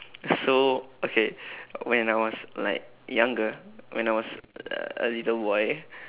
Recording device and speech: telephone, conversation in separate rooms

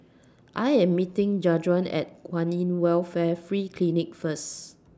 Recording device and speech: standing microphone (AKG C214), read sentence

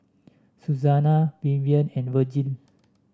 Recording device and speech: standing microphone (AKG C214), read sentence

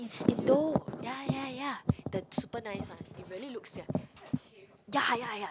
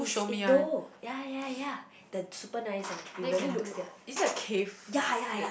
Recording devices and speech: close-talking microphone, boundary microphone, conversation in the same room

